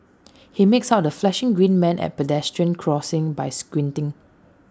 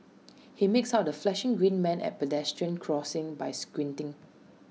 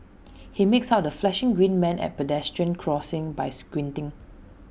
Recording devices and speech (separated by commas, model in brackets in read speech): standing microphone (AKG C214), mobile phone (iPhone 6), boundary microphone (BM630), read sentence